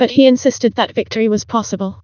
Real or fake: fake